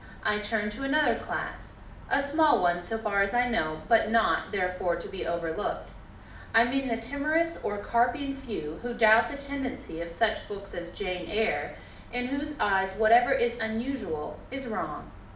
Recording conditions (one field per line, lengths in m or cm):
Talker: one person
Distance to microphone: 2.0 m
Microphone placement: close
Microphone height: 99 cm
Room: medium-sized (5.7 m by 4.0 m)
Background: none